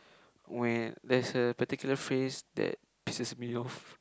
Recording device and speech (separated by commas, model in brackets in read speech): close-talking microphone, conversation in the same room